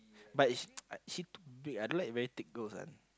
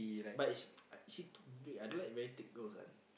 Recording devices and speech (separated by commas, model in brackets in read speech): close-talking microphone, boundary microphone, conversation in the same room